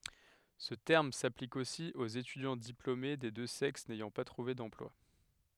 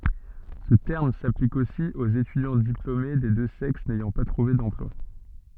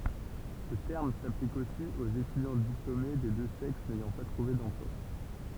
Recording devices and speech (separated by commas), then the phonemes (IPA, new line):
headset microphone, soft in-ear microphone, temple vibration pickup, read sentence
sə tɛʁm saplik osi oz etydjɑ̃ diplome de dø sɛks nɛjɑ̃ pa tʁuve dɑ̃plwa